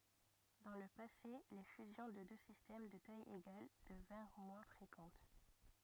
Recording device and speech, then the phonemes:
rigid in-ear microphone, read sentence
dɑ̃ lə pase le fyzjɔ̃ də dø sistɛm də taj eɡal dəvɛ̃ʁ mwɛ̃ fʁekɑ̃t

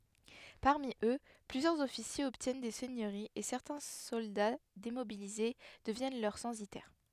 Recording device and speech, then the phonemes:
headset microphone, read sentence
paʁmi ø plyzjœʁz ɔfisjez ɔbtjɛn de sɛɲøʁiz e sɛʁtɛ̃ sɔlda demobilize dəvjɛn lœʁ sɑ̃sitɛʁ

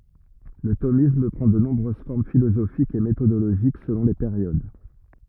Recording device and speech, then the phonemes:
rigid in-ear microphone, read sentence
lə tomism pʁɑ̃ də nɔ̃bʁøz fɔʁm filozofikz e metodoloʒik səlɔ̃ le peʁjod

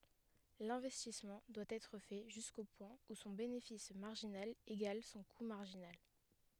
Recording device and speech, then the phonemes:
headset microphone, read sentence
lɛ̃vɛstismɑ̃ dwa ɛtʁ fɛ ʒysko pwɛ̃ u sɔ̃ benefis maʁʒinal eɡal sɔ̃ ku maʁʒinal

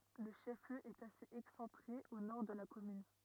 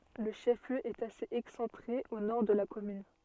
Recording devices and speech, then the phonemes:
rigid in-ear microphone, soft in-ear microphone, read sentence
lə ʃɛf ljø ɛt asez ɛksɑ̃tʁe o nɔʁ də la kɔmyn

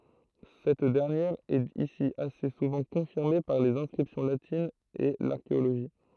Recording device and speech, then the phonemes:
throat microphone, read sentence
sɛt dɛʁnjɛʁ ɛt isi ase suvɑ̃ kɔ̃fiʁme paʁ lez ɛ̃skʁipsjɔ̃ latinz e laʁkeoloʒi

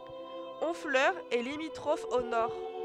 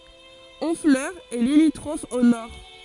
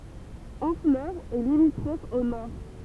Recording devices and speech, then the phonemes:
headset microphone, forehead accelerometer, temple vibration pickup, read sentence
ɔ̃flœʁ ɛ limitʁɔf o nɔʁ

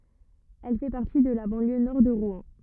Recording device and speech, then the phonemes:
rigid in-ear microphone, read sentence
ɛl fɛ paʁti də la bɑ̃ljø nɔʁ də ʁwɛ̃

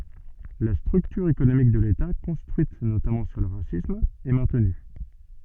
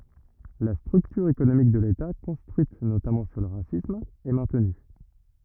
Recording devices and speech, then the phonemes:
soft in-ear microphone, rigid in-ear microphone, read sentence
la stʁyktyʁ ekonomik də leta kɔ̃stʁyit notamɑ̃ syʁ lə ʁasism ɛ mɛ̃tny

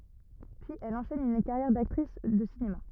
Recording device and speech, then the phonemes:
rigid in-ear microphone, read sentence
pyiz ɛl ɑ̃ʃɛn yn kaʁjɛʁ daktʁis də sinema

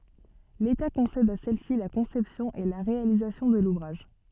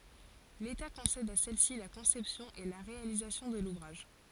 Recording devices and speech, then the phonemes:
soft in-ear microphone, forehead accelerometer, read sentence
leta kɔ̃sɛd a sɛlsi la kɔ̃sɛpsjɔ̃ e la ʁealizasjɔ̃ də luvʁaʒ

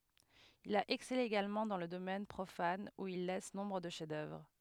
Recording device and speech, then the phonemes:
headset microphone, read sentence
il a ɛksɛle eɡalmɑ̃ dɑ̃ lə domɛn pʁofan u il lɛs nɔ̃bʁ də ʃɛfzdœvʁ

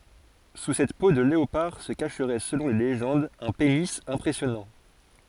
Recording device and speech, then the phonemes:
forehead accelerometer, read sentence
su sɛt po də leopaʁ sə kaʃʁɛ səlɔ̃ le leʒɑ̃dz œ̃ peni ɛ̃pʁɛsjɔnɑ̃

